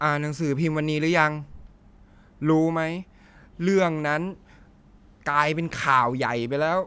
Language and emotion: Thai, frustrated